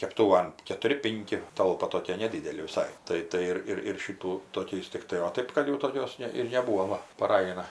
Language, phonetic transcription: Lithuanian, kepˈtūvan ketuˈri ˈpinki ˈtalpa toˈkie neˈdydeli viˈsai ˈtai ˈtai ir ir ˈšitų toˈkiais tikˈtai o ˈtɜp kad jau toˈkios ˈne ir neˈbūvo ˈva paˈraj aˈna

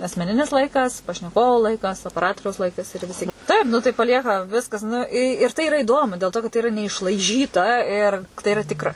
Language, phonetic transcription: Lithuanian, asmeˈninis ˈlaikas pašneˈkovo ˈlaikas opeˈratoriaus ˈlaikas ir viˈsi ˈtaip ˈnu tai paˈlieka ˈviskas ˈnu i ir ˈtai iˈra iˈdomu dėl ˈto kad tai iˈra neišlaiˈžyta ir tai iˈra ˈtikra

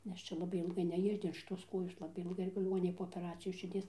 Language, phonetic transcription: Lithuanian, nes ˈčia laˈbai ilˈgai neˈjudin šiˈtos ˈkojos ˈlabai ilˈgai liˈgoninėj po opeˈracijos širˈdies

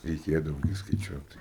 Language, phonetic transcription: Lithuanian, reiˈkėdavo gi skaiˈčiuot

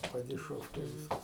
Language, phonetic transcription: Lithuanian, padiˈšovkiai ˈvyskas

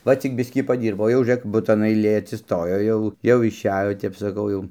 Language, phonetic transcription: Lithuanian, ˈva ˈcik ˈbiskį paˈdyrbo jau žiuˈrėk ˈbutan aiˈlė atsisˈtojo ˈjau jau išˈejo tep saˈkau ˈjau

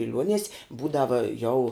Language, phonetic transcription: Lithuanian, biˈliuonies' ˈbūdava jau

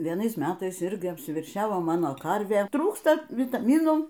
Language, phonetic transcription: Lithuanian, vieˈnais ˈmetais ˈirgi apsiverˈšiavo ˈmano ˈkarvė ˈtrūksta vitaˈmynų

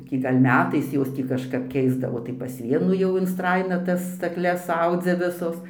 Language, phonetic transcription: Lithuanian, ˈtį ˈgal' ˈmetais ˈjos ˈtį kažˈkap ˈkeisdavo tai pas ˈvienų jau instraiˈna ˈtas stakˈles ˈaudzia ˈvisos

